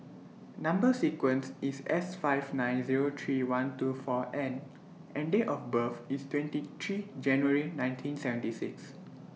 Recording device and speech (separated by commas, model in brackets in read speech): mobile phone (iPhone 6), read sentence